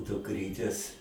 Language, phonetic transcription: Lithuanian, dukˈrytės

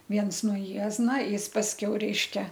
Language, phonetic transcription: Lithuanian, ˈviens nuo ˈjiezna ˈjis pasˈkiau ˈreiškia

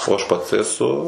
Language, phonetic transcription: Lithuanian, o aš ˈpats eˈsu

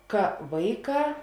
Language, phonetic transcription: Lithuanian, ˈka ˈvaiˌkā

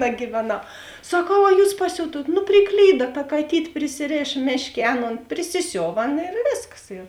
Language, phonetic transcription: Lithuanian, nagyveˌnau saˈkau a ˈjūs paˈsiutuot nu priˈklyda ta kaˈtyt' prisiˈrėš ˈmėšˌkė ˈaˌnon prisiˈsiova ˈaˌna ir ˈvėsˌkas ir

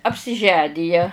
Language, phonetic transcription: Lithuanian, apsiˈženija

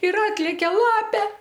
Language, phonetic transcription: Lithuanian, ir ˈatlekia ˈlapė

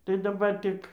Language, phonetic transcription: Lithuanian, tai daˈbar ˈtik

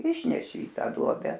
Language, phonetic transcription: Lithuanian, ˈišneši i ˈtą ˈduobe

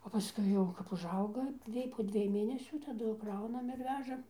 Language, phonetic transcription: Lithuanian, o paˈskui jau kap užˈauga ˈjiej po ˈdviej ˈmėnesių taˈdu ˈkraunam ir ˈvežam

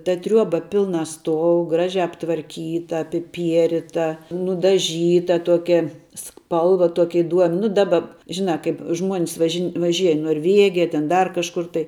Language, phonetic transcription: Lithuanian, ta ˈtriuoba ˈpilna ˈstuou ˈgražia aptvarˈkyta apiˈpierita nudaˈžyta ˈtuokia ˈspalva ˈtuoki iˈduom' ˈnu ˈdaba ˈžinā ˈkaip žmuon's važin vaˈžiej i norˈvėgija tėn ˈdar kažˈkur tai

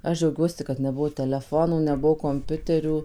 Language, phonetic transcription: Lithuanian, ˈaš ˈdžiaugiuosi kad neˈbuvo teleˈfonų neˈbuvo komˈpiuterių

